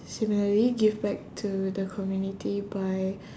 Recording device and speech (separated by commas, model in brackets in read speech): standing microphone, conversation in separate rooms